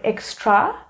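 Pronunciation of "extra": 'Extra' is pronounced incorrectly here.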